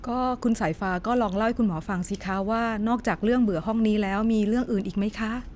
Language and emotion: Thai, neutral